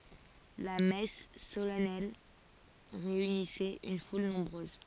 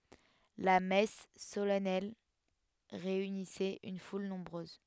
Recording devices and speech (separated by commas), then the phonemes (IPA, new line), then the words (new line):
forehead accelerometer, headset microphone, read sentence
la mɛs solɛnɛl ʁeynisɛt yn ful nɔ̃bʁøz
La messe solennelle réunissait une foule nombreuse.